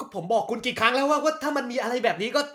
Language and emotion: Thai, angry